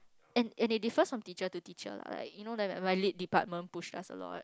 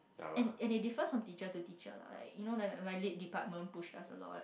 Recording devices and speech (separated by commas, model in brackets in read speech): close-talking microphone, boundary microphone, conversation in the same room